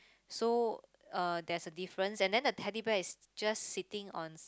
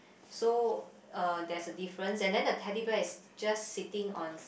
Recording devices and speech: close-talking microphone, boundary microphone, conversation in the same room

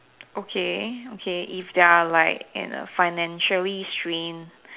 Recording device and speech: telephone, conversation in separate rooms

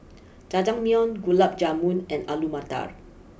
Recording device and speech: boundary microphone (BM630), read sentence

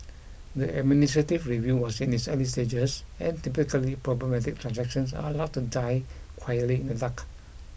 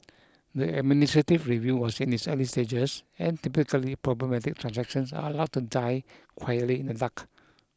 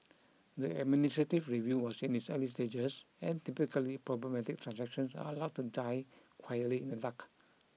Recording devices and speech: boundary microphone (BM630), close-talking microphone (WH20), mobile phone (iPhone 6), read sentence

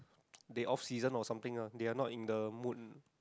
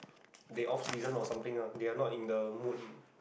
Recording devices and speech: close-talking microphone, boundary microphone, conversation in the same room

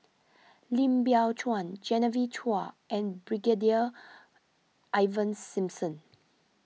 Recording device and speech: mobile phone (iPhone 6), read sentence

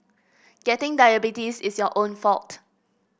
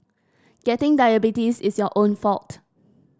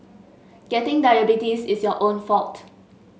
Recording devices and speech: boundary microphone (BM630), standing microphone (AKG C214), mobile phone (Samsung S8), read sentence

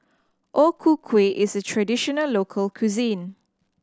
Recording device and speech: standing microphone (AKG C214), read sentence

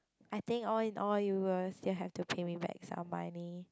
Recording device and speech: close-talking microphone, conversation in the same room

